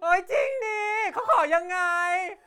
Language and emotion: Thai, happy